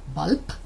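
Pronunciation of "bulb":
'Bulb' is pronounced incorrectly here.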